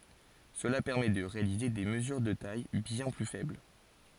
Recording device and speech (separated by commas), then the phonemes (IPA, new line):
forehead accelerometer, read sentence
səla pɛʁmɛ də ʁealize de məzyʁ də taj bjɛ̃ ply fɛbl